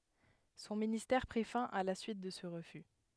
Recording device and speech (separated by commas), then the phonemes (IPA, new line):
headset microphone, read sentence
sɔ̃ ministɛʁ pʁi fɛ̃ a la syit də sə ʁəfy